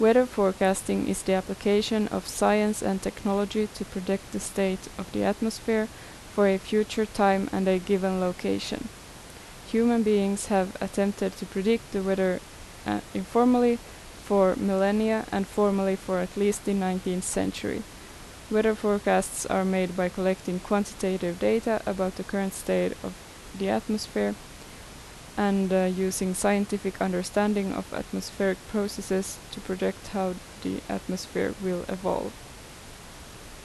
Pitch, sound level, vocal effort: 195 Hz, 80 dB SPL, normal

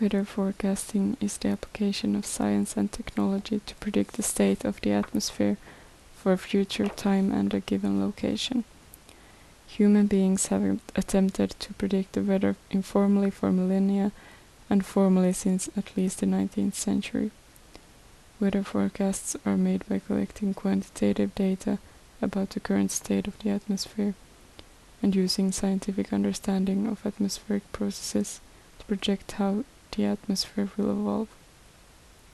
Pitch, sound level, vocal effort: 195 Hz, 72 dB SPL, soft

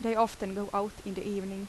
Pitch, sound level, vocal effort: 200 Hz, 81 dB SPL, normal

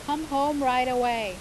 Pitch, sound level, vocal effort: 255 Hz, 94 dB SPL, loud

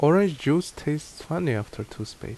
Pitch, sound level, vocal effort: 145 Hz, 78 dB SPL, normal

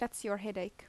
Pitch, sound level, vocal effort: 210 Hz, 81 dB SPL, normal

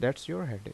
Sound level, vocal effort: 82 dB SPL, normal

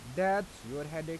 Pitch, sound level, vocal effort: 160 Hz, 89 dB SPL, normal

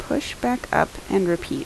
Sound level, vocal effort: 77 dB SPL, soft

